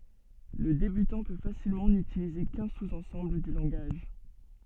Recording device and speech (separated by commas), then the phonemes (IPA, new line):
soft in-ear microphone, read sentence
lə debytɑ̃ pø fasilmɑ̃ nytilize kœ̃ suz ɑ̃sɑ̃bl dy lɑ̃ɡaʒ